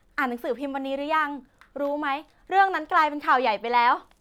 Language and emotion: Thai, happy